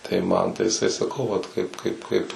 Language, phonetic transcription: Lithuanian, tai ˈman tai jiˈsai saˈkau ˈvat ˈkaip ˈkaip ˈkaip

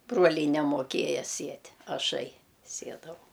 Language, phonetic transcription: Lithuanian, ˈbruoliai nemoˈkėja ˈsiet' aˈšai ˈsiedavau

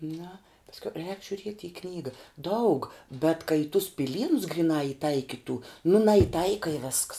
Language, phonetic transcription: Lithuanian, na pasˈkiau rēk žiuˈriet' i ˈknyga ˈdaug bet ka i tus piˈlynus griˈnā iˈtaikitų nu najiˈtaika i vesks

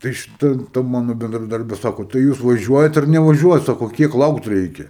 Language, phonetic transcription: Lithuanian, tai šiˈta ˈta ˈmanu bendraˈdarbė ˈsako tai ˈjūs vaˈžiuojat ar nevaˈžiuojat ˈsako ˈkiek ˈlaukt ˈreikia

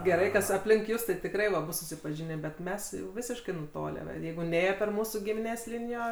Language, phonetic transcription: Lithuanian, geˈrai ˈkas apˈlink ˈjus tai tikˈrai va ˈbus susipaˈžinė bet ˈmes jau ˈvisiškai nuˈtolę va ˈjeigu ˈnėjo per ˈmūsų gimiˈnės ˈlinijo

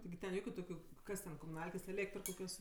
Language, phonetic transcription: Lithuanian, tigi ten ˈjokiu ˈtokiu ˈkas ten komuˈnalkės eˈlėktr koˈkios

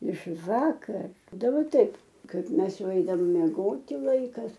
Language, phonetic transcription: Lithuanian, iš ˈvakar daˈba ˈtaip ˈkaip ˈmes ˈjau ˈeidavom mieˈgoti ˈlaikas

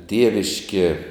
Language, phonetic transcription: Lithuanian, ˈtieviškie

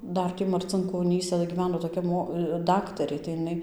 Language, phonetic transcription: Lithuanian, ˈdar ˈtį marcinkoˈnysa gyˈveno toˈkia ˈmo ˈdaktarė tai iˈnai

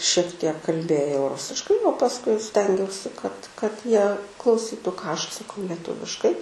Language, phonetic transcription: Lithuanian, šiek tiek kalˈbėjau ˈrusiškai o pasˈkui ˈstengiausi kad kad ˈjie klauˈsytu ką ˈaš atsaˈkau leˈtuviškai

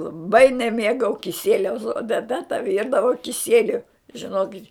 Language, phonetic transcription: Lithuanian, laˈbai neˈmėgau kiˈsieliaus o teˈta ta ˈvyrdavo kiˈsieliu žiˈnokit'

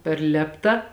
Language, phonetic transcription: Lithuanian, per ˈlėpta

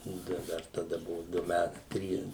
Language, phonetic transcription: Lithuanian, ˈnu tai ˈdar taˈda ˈbuvu ˈdu ˈmæt ˈtrys

